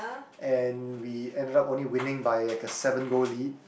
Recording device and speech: boundary microphone, conversation in the same room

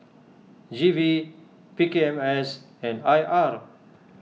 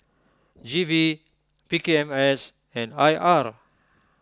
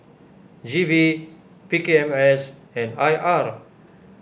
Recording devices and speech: mobile phone (iPhone 6), close-talking microphone (WH20), boundary microphone (BM630), read sentence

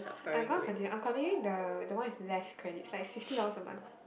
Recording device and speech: boundary microphone, conversation in the same room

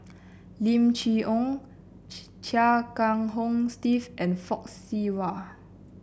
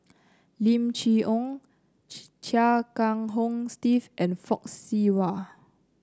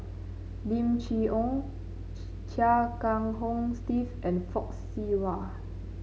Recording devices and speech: boundary microphone (BM630), close-talking microphone (WH30), mobile phone (Samsung C9), read sentence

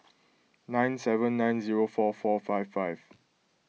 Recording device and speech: mobile phone (iPhone 6), read sentence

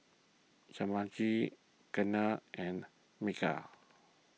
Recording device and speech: mobile phone (iPhone 6), read sentence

